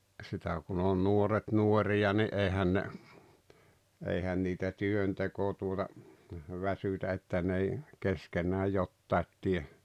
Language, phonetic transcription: Finnish, sitä kun ‿on 'nuoret 'nuori₍a ni’ '’èihän ne , 'eihän niitä "työnteko tuota , 'väsytä että n ‿ei , 'keskenää "jottait tie .
- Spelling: sitä kun on nuoret nuoria niin eihän ne eihän niitä työnteko tuota väsytä että ne ei keskenään jotakin tee

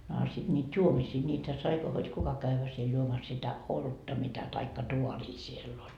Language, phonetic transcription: Finnish, no a sit ńiiD "juomisii niitä sai , hod 'kuka kävvä siel 'juomas sitä , "olutta mitä taikka 'tuarii siell ‿oĺ .
- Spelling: no a sitten niitä juomisia niitä sai hod kuka käydä siellä juomassa sitä olutta mitä tai taaria siellä oli

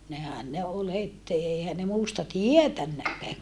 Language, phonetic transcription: Finnish, nehän ne ol het èihän ne muusta tietännäkkää .
- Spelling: nehän ne oli heti eihän ne muusta tietänytkään

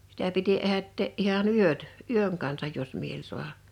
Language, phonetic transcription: Finnish, 'sitä piti 'ehättee’ '’iha"n ‿yöt , "yöŋ kansaj 'jos miel 'su̬aha .
- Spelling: sitä piti ehättää ihan yöt yön kanssa jos mieli saada

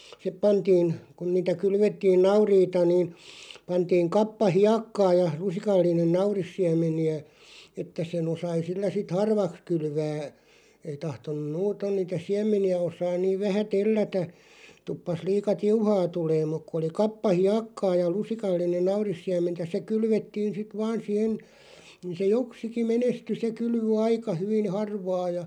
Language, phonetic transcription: Finnish, s[itt]ep 'pantiin , kun niitä "kylvettiin 'nauriita niin̬ , 'pantiiŋ 'kappa "hiakkaa ja , 'lusikallinen "naurissiäm̆meni₍ä , että se'n ‿osai 'sillä 'sit "harvaks 'kylvää , ei 'tahton̆num "muuton niitä "siäm̆meni₍ä 'osaan 'niiv 'vähä "tellätä , 'tuppas 'liika "tiuhaa 'tuleem muk ku oli 'kappa "hiakkaa ja 'lusikallinen̆ "naurissiäm̆mentä se 'kylvettiin sit "vaan sihen̬ , ni se "joksiki 'menesty se 'kylv(y) "aika 'hyvin̬ 'harvaa ja ,.
- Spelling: sitten pantiin kun niitä kylvettiin nauriita niin pantiin kappa hiekkaa ja lusikallinen naurissiemeniä että sen osasi sillä sitten harvaksi kylvää ei tahtonut muuten niitä siemeniä osata niin vähän tellätä tuppasi liian tiuhaan tulemaan mutta kun oli kappa hiekkaa ja lusikallinen naurissiementä se kylvettiin sitten vain siihen niin se joksikin menestyi se kylvö aika hyvin harvaa ja

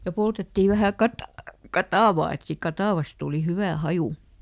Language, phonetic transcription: Finnish, ja ˈpoltettì ˈvähä̀ ˈkata- , "katàvaa et ˈsiik "katàvas tùli ˈhyvä ˈhaju .
- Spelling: ja poltettiin vähän - katajaa että siitä katajasta tuli hyvä haju

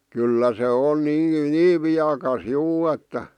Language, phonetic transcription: Finnish, 'kyllä se on 'nii "niiv viakas 'juu että .
- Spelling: kyllä se on niin niin viekas juu että

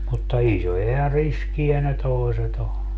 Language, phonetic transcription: Finnish, mutta 'isoja ja 'riski₍ä ne 'toi̮set ‿o ,.
- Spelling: mutta isoja ja riskejä ne toiset on

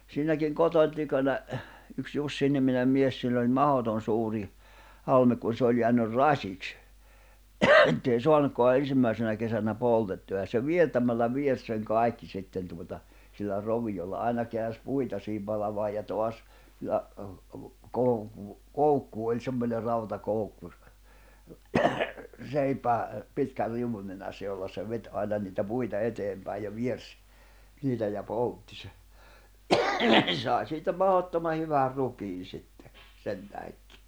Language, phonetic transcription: Finnish, 'siinäkiŋ 'kotoń tykönä , yks 'Jussiniminem mies sill ‿oĺ "mahoton suuri , 'halmek kun se oĺ jeänyr "raśiks , ettei 'soanukkoa 'ensimmä̀isenä kesänä 'poltettu₍a ja se 'viertämällä 'viers seŋ 'kài̬kki sitten tuota₍ sillä 'rovijolla 'àena keäns 'puita sii(hi)m palamaaj ja 'toas , ja , 'kouku- , "koukku oĺ 'semmońer̆ 'rauta'koukku ‿s- , 'seipää , 'pitkär 'riuwun nenässä jolla se 'vet́ ’aina niitä 'puita 'eteempä̀ij̆ ja 'viers , 'niitä ja 'poltti se , se sài̬ siitä 'mahottoma 'hyvär 'rukiin sittᴇ , sentähekkɪ .
- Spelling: siinäkin kotoni tykönä yksi Jussi-niminen mies sillä oli mahdoton suuri halme kun se oli jäänyt rasiksi että ei saanutkaan ensimmäisenä kesänä poltettua ja se viertämällä viersi sen kaikki sitten tuota sillä roviolla aina käänsi puita siihen palamaan ja taas ja - koukku oli semmoinen rautakoukku - seipään pitkän riu'un nenässä jolla se veti aina niitä puita eteenpäin ja viersi niitä ja poltti se se sai siitä mahdottoman hyvän rukiin sitten sen tähdenkin

